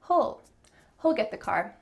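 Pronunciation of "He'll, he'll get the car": "He'll" is said the relaxed, natural way, with an ul sound.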